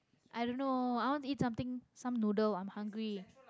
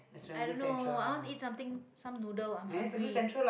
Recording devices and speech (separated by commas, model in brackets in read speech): close-talking microphone, boundary microphone, conversation in the same room